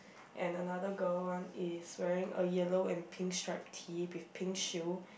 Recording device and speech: boundary microphone, conversation in the same room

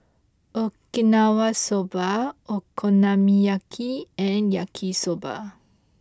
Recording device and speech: close-talking microphone (WH20), read sentence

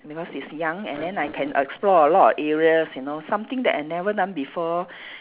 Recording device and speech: telephone, conversation in separate rooms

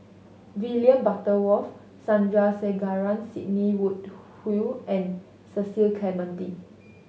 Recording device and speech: mobile phone (Samsung S8), read sentence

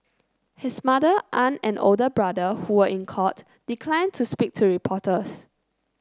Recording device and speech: close-talking microphone (WH30), read sentence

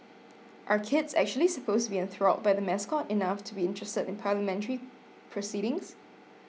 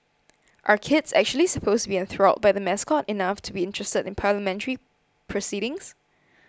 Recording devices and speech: mobile phone (iPhone 6), close-talking microphone (WH20), read sentence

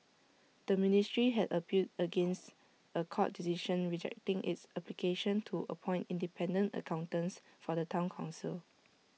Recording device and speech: mobile phone (iPhone 6), read sentence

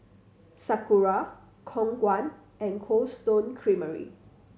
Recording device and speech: mobile phone (Samsung C7100), read sentence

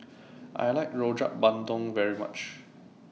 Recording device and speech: mobile phone (iPhone 6), read sentence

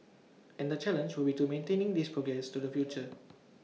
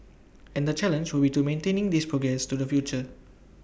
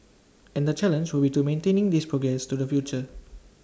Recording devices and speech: mobile phone (iPhone 6), boundary microphone (BM630), standing microphone (AKG C214), read sentence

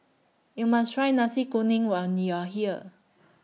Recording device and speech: mobile phone (iPhone 6), read sentence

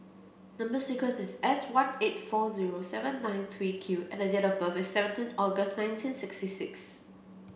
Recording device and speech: boundary microphone (BM630), read sentence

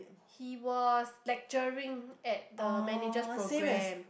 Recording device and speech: boundary microphone, conversation in the same room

